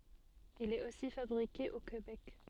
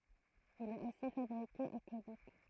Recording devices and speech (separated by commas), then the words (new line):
soft in-ear microphone, throat microphone, read sentence
Il est aussi fabriqué au Québec.